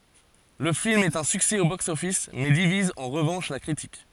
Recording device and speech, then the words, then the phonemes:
forehead accelerometer, read sentence
Le film est un succès au box office mais divise en revanche la critique.
lə film ɛt œ̃ syksɛ o bɔks ɔfis mɛ diviz ɑ̃ ʁəvɑ̃ʃ la kʁitik

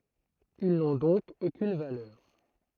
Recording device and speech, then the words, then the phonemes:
throat microphone, read sentence
Ils n'ont donc aucune valeur.
il nɔ̃ dɔ̃k okyn valœʁ

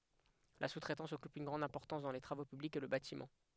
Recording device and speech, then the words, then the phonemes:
headset microphone, read sentence
La sous-traitance occupe une grande importance dans les travaux publics et le bâtiment.
la su tʁɛtɑ̃s ɔkyp yn ɡʁɑ̃d ɛ̃pɔʁtɑ̃s dɑ̃ le tʁavo pyblikz e lə batimɑ̃

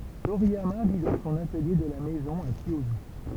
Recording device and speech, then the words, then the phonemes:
temple vibration pickup, read sentence
Toriyama vit dans son atelier de la maison à Kiyosu.
toʁijama vi dɑ̃ sɔ̃n atəlje də la mɛzɔ̃ a kjjozy

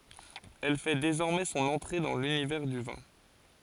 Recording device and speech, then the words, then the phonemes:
forehead accelerometer, read sentence
Elle fait désormais son entrée dans l'univers du vin.
ɛl fɛ dezɔʁmɛ sɔ̃n ɑ̃tʁe dɑ̃ lynivɛʁ dy vɛ̃

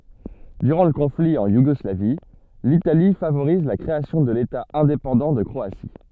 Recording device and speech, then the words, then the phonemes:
soft in-ear microphone, read sentence
Durant le conflit, en Yougoslavie, l'Italie favorise la création de l'État indépendant de Croatie.
dyʁɑ̃ lə kɔ̃fli ɑ̃ juɡɔslavi litali favoʁiz la kʁeasjɔ̃ də leta ɛ̃depɑ̃dɑ̃ də kʁoasi

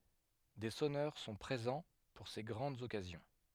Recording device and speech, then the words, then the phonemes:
headset microphone, read sentence
Des sonneurs sont présents pour ces grandes occasions.
de sɔnœʁ sɔ̃ pʁezɑ̃ puʁ se ɡʁɑ̃dz ɔkazjɔ̃

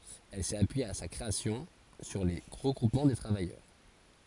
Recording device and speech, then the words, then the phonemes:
forehead accelerometer, read sentence
Elle s’est appuyée à sa création sur les regroupements de travailleurs.
ɛl sɛt apyije a sa kʁeasjɔ̃ syʁ le ʁəɡʁupmɑ̃ də tʁavajœʁ

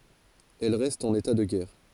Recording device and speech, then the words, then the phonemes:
forehead accelerometer, read sentence
Elle reste en état de guerre.
ɛl ʁɛst ɑ̃n eta də ɡɛʁ

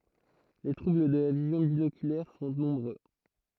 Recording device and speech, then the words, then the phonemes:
throat microphone, read sentence
Les troubles de la vision binoculaire sont nombreux.
le tʁubl də la vizjɔ̃ binokylɛʁ sɔ̃ nɔ̃bʁø

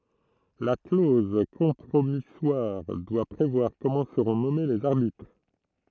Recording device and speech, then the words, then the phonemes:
throat microphone, read sentence
La clause compromissoire doit prévoir comment seront nommés les arbitres.
la kloz kɔ̃pʁomiswaʁ dwa pʁevwaʁ kɔmɑ̃ səʁɔ̃ nɔme lez aʁbitʁ

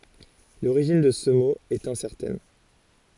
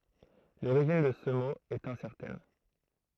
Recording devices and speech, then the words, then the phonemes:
forehead accelerometer, throat microphone, read sentence
L'origine de ce mot est incertaine.
loʁiʒin də sə mo ɛt ɛ̃sɛʁtɛn

